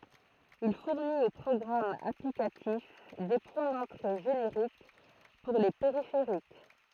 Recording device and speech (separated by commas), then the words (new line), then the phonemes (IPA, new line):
throat microphone, read sentence
Il fournit aux programmes applicatifs des points d’entrée génériques pour les périphériques.
il fuʁnit o pʁɔɡʁamz aplikatif de pwɛ̃ dɑ̃tʁe ʒeneʁik puʁ le peʁifeʁik